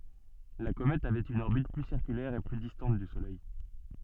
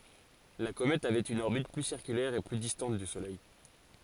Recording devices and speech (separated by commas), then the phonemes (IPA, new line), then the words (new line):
soft in-ear microphone, forehead accelerometer, read sentence
la komɛt avɛt yn ɔʁbit ply siʁkylɛʁ e ply distɑ̃t dy solɛj
La comète avait une orbite plus circulaire et plus distante du Soleil.